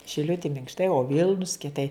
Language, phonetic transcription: Lithuanian, šiˈliuti minkšˈtai o ˈvilnus kieˈtai

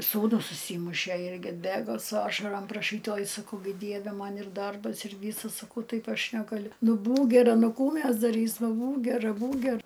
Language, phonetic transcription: Lithuanian, sūˈnus užˈsymušæ ˈirgi atˈbėgo su ˈašaram praˈšyt ˈoj saˈkau ˈdieve ˈman ir ˈdarbas ir ˈvysa saˈkau ˈtaip ˈaš negaˈliu ˈnu ˈbūk geˈra ˈnu ˈkų ˈmes daˈrysma ˈbūk geˈra ˈbūk ˈger

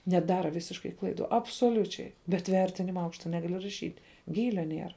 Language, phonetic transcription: Lithuanian, neˈdara ˈvisiškai ˈklaiˌdu absoˈliučiai bet ˈvertinima ˈaukšta ˈnegali raˈšyt' ˈgylia ˈniera

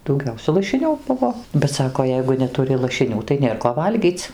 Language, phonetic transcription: Lithuanian, dauˈgiausia lašiˈniu ˈbuvo bet ˈsako ˈjeigu netuˈri lašiˈnių tai ˈnėr ko ˈvalgyc'

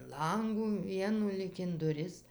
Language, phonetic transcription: Lithuanian, ˈlangų ˈvienų lyg in duˈris

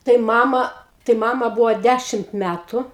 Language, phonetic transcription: Lithuanian, tai ˈmama tai ˈmama ˈbūvo ˈdæšimt ˈmætu

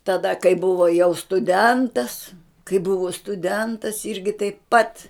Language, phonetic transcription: Lithuanian, taˈda kai ˈbuvo jau stuˈdentas kai ˈbuvo stuˈdentas ˈirgi taip pat

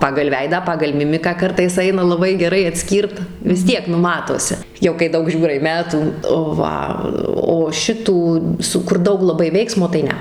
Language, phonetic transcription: Lithuanian, ˈpagal ˈveidą ˈpagal ˈmimiką ˈkartais ˈaina laˈbai geˈrai atˈskyrt vis ˈtiek nu ˈmatosi jau kai ˈdaug ˈžiūrai ˈmetų o ˈva o ˈšitų su kur ˈdaug laˈbai ˈveiksmo tai ˈne

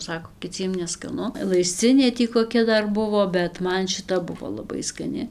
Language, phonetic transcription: Lithuanian, ˈsako kiˈciem neskaˈnu laisˈcinė tį koˈkia ˈdar ˈbuvo bet ˈman šiˈta ˈbuvo laˈbai skaˈni

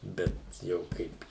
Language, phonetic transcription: Lithuanian, ˈbet jau ˈkaip

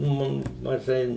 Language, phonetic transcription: Lithuanian, ˈmum maˈžai

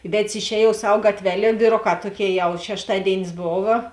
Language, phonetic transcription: Lithuanian, ˈvedˈsˈ išˈējuov ˈsav ˈgatveˌlė vyˈroˌkā ˈtuoˌkėi jau šešˈtadėinis ˈbova

